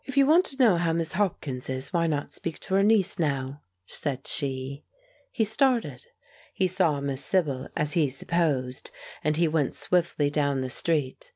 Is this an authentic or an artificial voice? authentic